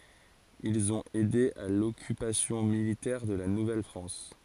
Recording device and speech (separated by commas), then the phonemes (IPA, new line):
forehead accelerometer, read sentence
ilz ɔ̃t ɛde a lɔkypasjɔ̃ militɛʁ də la nuvɛlfʁɑ̃s